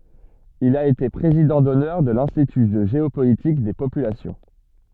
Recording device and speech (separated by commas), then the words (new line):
soft in-ear microphone, read sentence
Il a été président d'honneur de l'Institut de géopolitique des populations.